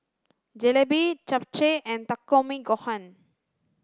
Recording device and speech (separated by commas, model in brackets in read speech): standing microphone (AKG C214), read sentence